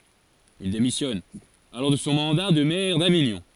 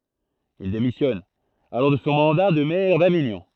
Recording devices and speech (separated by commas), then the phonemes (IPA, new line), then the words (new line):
forehead accelerometer, throat microphone, read sentence
il demisjɔn alɔʁ də sɔ̃ mɑ̃da də mɛʁ daviɲɔ̃
Il démissionne alors de son mandat de maire d'Avignon.